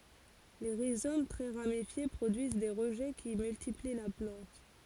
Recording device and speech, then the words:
forehead accelerometer, read sentence
Les rhizomes très ramifiés produisent des rejets qui multiplient la plante.

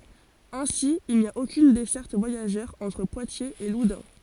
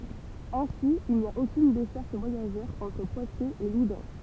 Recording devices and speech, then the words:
forehead accelerometer, temple vibration pickup, read sentence
Ainsi, il n’y a aucune desserte voyageur entre Poitiers et Loudun.

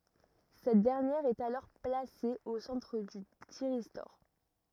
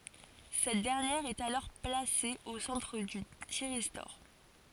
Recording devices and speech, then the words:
rigid in-ear microphone, forehead accelerometer, read sentence
Cette dernière est alors placée au centre du thyristor.

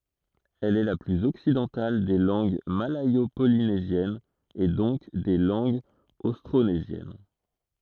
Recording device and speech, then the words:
throat microphone, read sentence
Elle est la plus occidentale des langues malayo-polynésiennes et donc des langues austronésiennes.

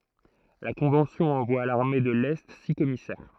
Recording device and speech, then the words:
throat microphone, read sentence
La Convention envoie à l'armée de l'Est six commissaires.

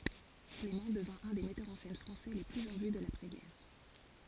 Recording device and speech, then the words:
forehead accelerometer, read sentence
Clément devint un des metteurs en scène français les plus en vue de l’après-guerre.

